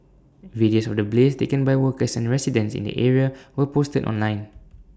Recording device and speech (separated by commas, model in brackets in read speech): standing microphone (AKG C214), read sentence